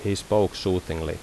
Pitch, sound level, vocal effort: 95 Hz, 79 dB SPL, normal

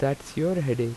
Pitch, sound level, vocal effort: 135 Hz, 83 dB SPL, normal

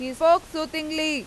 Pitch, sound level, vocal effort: 310 Hz, 98 dB SPL, very loud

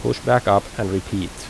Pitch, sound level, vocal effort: 95 Hz, 82 dB SPL, normal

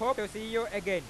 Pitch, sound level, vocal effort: 210 Hz, 102 dB SPL, loud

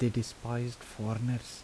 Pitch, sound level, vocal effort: 120 Hz, 76 dB SPL, soft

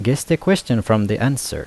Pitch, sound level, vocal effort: 125 Hz, 81 dB SPL, normal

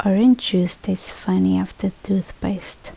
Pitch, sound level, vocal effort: 190 Hz, 69 dB SPL, soft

